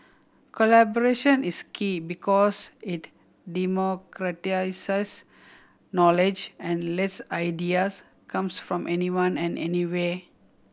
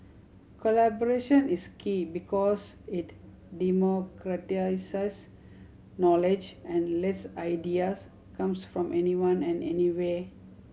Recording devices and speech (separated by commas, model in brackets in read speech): boundary microphone (BM630), mobile phone (Samsung C7100), read sentence